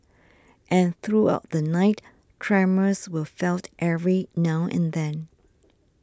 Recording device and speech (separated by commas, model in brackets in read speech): standing microphone (AKG C214), read sentence